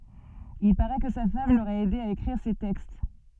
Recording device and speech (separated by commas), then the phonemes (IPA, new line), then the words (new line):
soft in-ear microphone, read sentence
il paʁɛ kə sa fam loʁɛt ɛde a ekʁiʁ se tɛkst
Il parait que sa femme l'aurait aidé à écrire ses textes.